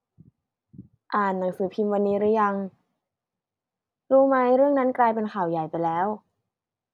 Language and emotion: Thai, neutral